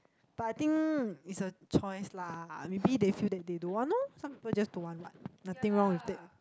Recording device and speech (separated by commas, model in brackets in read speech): close-talking microphone, conversation in the same room